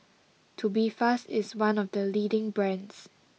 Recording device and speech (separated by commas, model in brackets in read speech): mobile phone (iPhone 6), read sentence